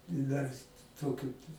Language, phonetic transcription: Lithuanian, i dar ˈtokiu

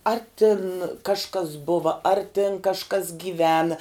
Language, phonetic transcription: Lithuanian, ar tin kažˈkas ˈbuva ar tin kažˈkas gyˈvena

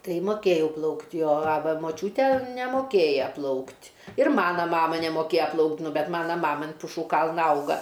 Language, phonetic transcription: Lithuanian, ˈtai moˈkėjau ˈplaukt' jo a ˈva moˈčiūtė nemoˈkėja ˈplaukt' ir ˈmana ˈmama nemoˈkėja ˈplaukt ˈnu ˈbet ˈmana ˈmama an puˈšų ˈkalna ˈauga

